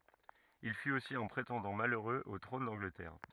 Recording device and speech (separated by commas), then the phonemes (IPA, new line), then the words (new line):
rigid in-ear microphone, read sentence
il fyt osi œ̃ pʁetɑ̃dɑ̃ maløʁøz o tʁɔ̃n dɑ̃ɡlətɛʁ
Il fut aussi un prétendant malheureux au trône d'Angleterre.